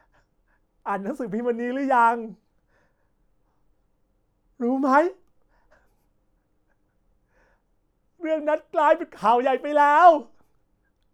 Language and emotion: Thai, sad